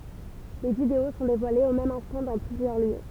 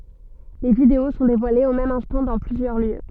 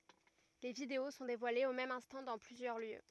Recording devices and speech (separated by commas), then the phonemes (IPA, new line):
temple vibration pickup, soft in-ear microphone, rigid in-ear microphone, read sentence
le video sɔ̃ devwalez o mɛm ɛ̃stɑ̃ dɑ̃ plyzjœʁ ljø